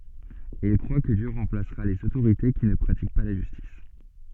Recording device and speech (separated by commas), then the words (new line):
soft in-ear microphone, read sentence
Et il croit que Dieu remplacera les autorités qui ne pratiquent pas la justice.